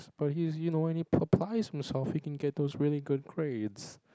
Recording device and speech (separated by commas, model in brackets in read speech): close-talking microphone, conversation in the same room